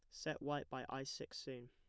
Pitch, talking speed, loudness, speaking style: 140 Hz, 240 wpm, -46 LUFS, plain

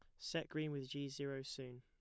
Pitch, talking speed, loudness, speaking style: 135 Hz, 225 wpm, -45 LUFS, plain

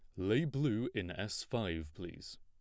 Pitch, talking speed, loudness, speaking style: 100 Hz, 165 wpm, -37 LUFS, plain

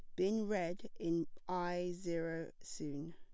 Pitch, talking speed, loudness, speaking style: 175 Hz, 125 wpm, -40 LUFS, plain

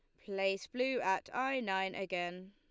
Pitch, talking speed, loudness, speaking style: 195 Hz, 155 wpm, -36 LUFS, Lombard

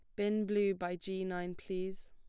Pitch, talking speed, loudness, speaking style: 190 Hz, 190 wpm, -37 LUFS, plain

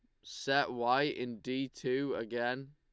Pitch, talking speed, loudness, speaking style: 130 Hz, 145 wpm, -34 LUFS, Lombard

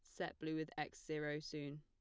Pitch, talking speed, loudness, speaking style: 150 Hz, 225 wpm, -46 LUFS, plain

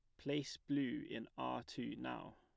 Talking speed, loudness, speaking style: 165 wpm, -44 LUFS, plain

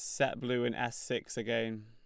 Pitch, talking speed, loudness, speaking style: 120 Hz, 220 wpm, -35 LUFS, Lombard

